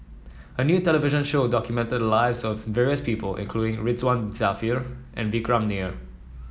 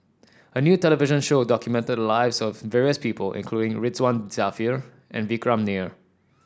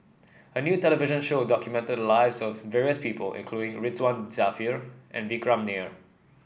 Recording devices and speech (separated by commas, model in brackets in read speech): mobile phone (iPhone 7), standing microphone (AKG C214), boundary microphone (BM630), read sentence